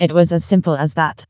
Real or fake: fake